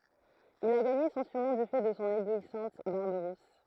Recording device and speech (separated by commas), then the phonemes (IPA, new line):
throat microphone, read sentence
il a ɡaɲe sɔ̃ syʁnɔ̃ dy fɛ də sɔ̃ eblwisɑ̃t baʁb ʁus